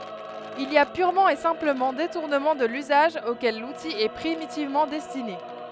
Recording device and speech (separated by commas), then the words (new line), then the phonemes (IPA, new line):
headset microphone, read sentence
Il y a purement et simplement détournement de l'usage auquel l'outil est primitivement destiné.
il i a pyʁmɑ̃ e sɛ̃pləmɑ̃ detuʁnəmɑ̃ də lyzaʒ okɛl luti ɛ pʁimitivmɑ̃ dɛstine